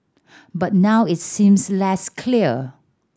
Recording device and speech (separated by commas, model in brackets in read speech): standing microphone (AKG C214), read sentence